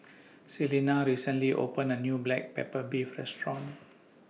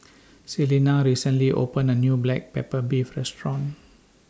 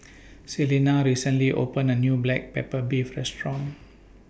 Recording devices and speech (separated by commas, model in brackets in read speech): mobile phone (iPhone 6), standing microphone (AKG C214), boundary microphone (BM630), read sentence